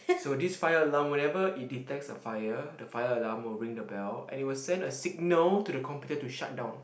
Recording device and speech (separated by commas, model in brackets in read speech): boundary microphone, conversation in the same room